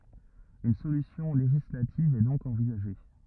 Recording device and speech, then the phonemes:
rigid in-ear microphone, read sentence
yn solysjɔ̃ leʒislativ ɛ dɔ̃k ɑ̃vizaʒe

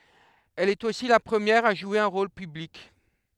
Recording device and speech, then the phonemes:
headset microphone, read sentence
ɛl ɛt osi la pʁəmjɛʁ a ʒwe œ̃ ʁol pyblik

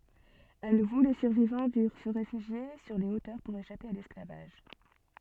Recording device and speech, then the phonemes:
soft in-ear microphone, read sentence
a nuvo le syʁvivɑ̃ dyʁ sə ʁefyʒje syʁ le otœʁ puʁ eʃape a lɛsklavaʒ

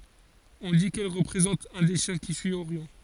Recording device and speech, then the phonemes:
forehead accelerometer, read sentence
ɔ̃ di kɛl ʁəpʁezɑ̃t œ̃ de ʃjɛ̃ ki syi oʁjɔ̃

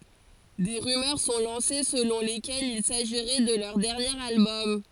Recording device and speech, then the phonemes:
forehead accelerometer, read sentence
de ʁymœʁ sɔ̃ lɑ̃se səlɔ̃ lekɛlz il saʒiʁɛ də lœʁ dɛʁnjeʁ albɔm

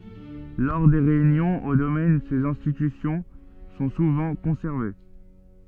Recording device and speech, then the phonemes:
soft in-ear microphone, read sentence
lɔʁ de ʁeynjɔ̃z o domɛn sez ɛ̃stitysjɔ̃ sɔ̃ suvɑ̃ kɔ̃sɛʁve

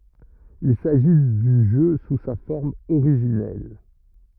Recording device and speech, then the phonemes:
rigid in-ear microphone, read sentence
il saʒi dy ʒø su sa fɔʁm oʁiʒinɛl

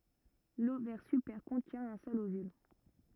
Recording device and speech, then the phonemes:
rigid in-ear microphone, read sentence
lovɛʁ sypɛʁ kɔ̃tjɛ̃ œ̃ sœl ovyl

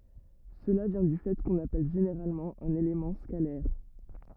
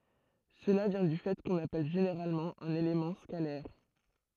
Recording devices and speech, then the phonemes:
rigid in-ear microphone, throat microphone, read sentence
səla vjɛ̃ dy fɛ kɔ̃n apɛl ʒeneʁalmɑ̃ œ̃n elemɑ̃ skalɛʁ

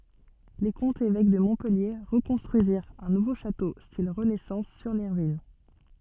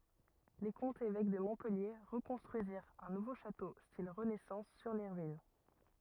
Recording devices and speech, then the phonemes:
soft in-ear microphone, rigid in-ear microphone, read sentence
le kɔ̃tz evɛk də mɔ̃pɛlje ʁəkɔ̃stʁyiziʁt œ̃ nuvo ʃato stil ʁənɛsɑ̃s syʁ le ʁyin

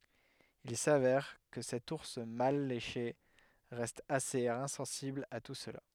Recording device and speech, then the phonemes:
headset microphone, read sentence
il savɛʁ kə sɛt uʁs mal leʃe ʁɛst asez ɛ̃sɑ̃sibl a tu səla

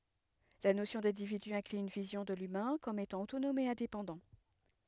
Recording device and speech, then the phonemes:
headset microphone, read sentence
la nosjɔ̃ dɛ̃dividy ɛ̃kly yn vizjɔ̃ də lymɛ̃ kɔm etɑ̃ otonɔm e ɛ̃depɑ̃dɑ̃

